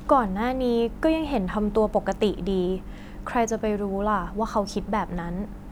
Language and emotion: Thai, neutral